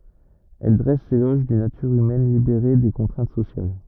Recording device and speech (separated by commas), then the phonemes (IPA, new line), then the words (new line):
rigid in-ear microphone, read sentence
ɛl dʁɛs lelɔʒ dyn natyʁ ymɛn libeʁe de kɔ̃tʁɛ̃t sosjal
Elle dresse l'éloge d'une nature humaine libérée des contraintes sociales.